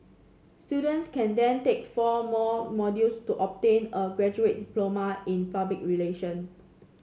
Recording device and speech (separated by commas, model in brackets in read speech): mobile phone (Samsung C7), read sentence